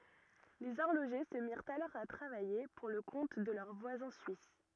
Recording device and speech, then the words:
rigid in-ear microphone, read sentence
Les horlogers se mirent alors à travailler pour le compte de leurs voisins suisses.

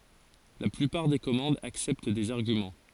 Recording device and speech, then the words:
forehead accelerometer, read sentence
La plupart des commandes acceptent des arguments.

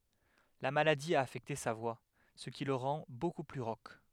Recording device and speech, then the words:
headset microphone, read sentence
La maladie a affecté sa voix, ce qui le rend beaucoup plus rauque.

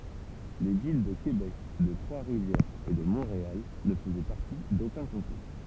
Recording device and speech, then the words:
temple vibration pickup, read sentence
Les villes de Québec, de Trois-Rivières et de Montréal ne faisaient partie d'aucun comté.

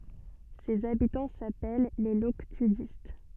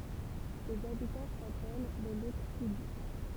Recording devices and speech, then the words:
soft in-ear microphone, temple vibration pickup, read sentence
Ses habitants s'appellent les Loctudistes.

